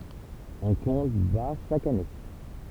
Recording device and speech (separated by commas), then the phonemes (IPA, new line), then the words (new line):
temple vibration pickup, read sentence
ɔ̃ kɔ̃t baʁ ʃak ane
On compte bars chaque année.